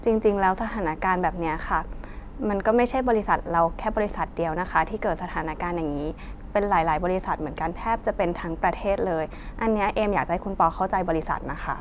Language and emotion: Thai, neutral